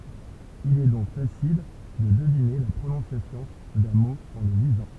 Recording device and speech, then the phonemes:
temple vibration pickup, read sentence
il ɛ dɔ̃k fasil də dəvine la pʁonɔ̃sjasjɔ̃ dœ̃ mo ɑ̃ lə lizɑ̃

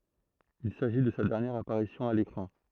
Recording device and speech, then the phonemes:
throat microphone, read sentence
il saʒi də sa dɛʁnjɛʁ apaʁisjɔ̃ a lekʁɑ̃

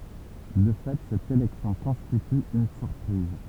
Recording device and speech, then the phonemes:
temple vibration pickup, read sentence
də fɛ sɛt elɛksjɔ̃ kɔ̃stity yn syʁpʁiz

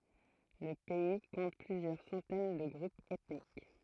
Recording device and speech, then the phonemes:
throat microphone, read sentence
lə pɛi kɔ̃t plyzjœʁ sɑ̃tɛn də ɡʁupz ɛtnik

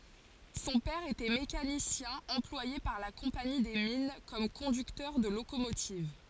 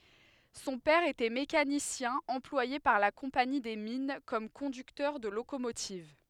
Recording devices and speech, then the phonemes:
forehead accelerometer, headset microphone, read sentence
sɔ̃ pɛʁ etɛ mekanisjɛ̃ ɑ̃plwaje paʁ la kɔ̃pani de min kɔm kɔ̃dyktœʁ də lokomotiv

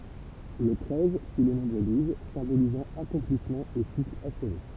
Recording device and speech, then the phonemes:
temple vibration pickup, read sentence
lə tʁɛz syi lə nɔ̃bʁ duz sɛ̃bolizɑ̃ akɔ̃plismɑ̃ e sikl aʃve

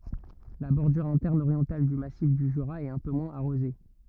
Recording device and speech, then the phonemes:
rigid in-ear microphone, read sentence
la bɔʁdyʁ ɛ̃tɛʁn oʁjɑ̃tal dy masif dy ʒyʁa ɛt œ̃ pø mwɛ̃z aʁoze

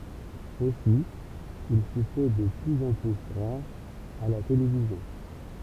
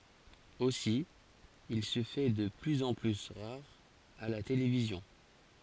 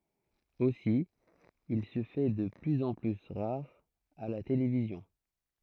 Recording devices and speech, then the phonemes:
temple vibration pickup, forehead accelerometer, throat microphone, read sentence
osi il sə fɛ də plyz ɑ̃ ply ʁaʁ a la televizjɔ̃

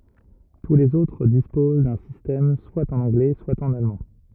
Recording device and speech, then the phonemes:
rigid in-ear microphone, read sentence
tu lez otʁ dispoz dœ̃ sistɛm swa ɑ̃n ɑ̃ɡlɛ swa ɑ̃n almɑ̃

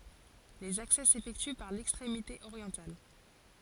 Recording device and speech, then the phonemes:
forehead accelerometer, read sentence
lez aksɛ sefɛkty paʁ lɛkstʁemite oʁjɑ̃tal

